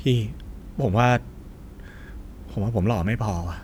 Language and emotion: Thai, frustrated